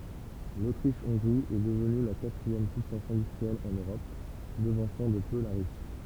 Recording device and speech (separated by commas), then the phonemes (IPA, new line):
temple vibration pickup, read sentence
lotʁiʃ ɔ̃ɡʁi ɛ dəvny la katʁiɛm pyisɑ̃s ɛ̃dystʁiɛl ɑ̃n øʁɔp dəvɑ̃sɑ̃ də pø la ʁysi